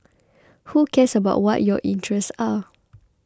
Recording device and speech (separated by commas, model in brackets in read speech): close-talking microphone (WH20), read sentence